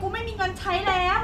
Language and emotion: Thai, angry